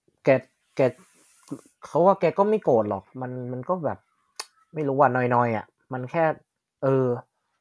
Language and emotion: Thai, frustrated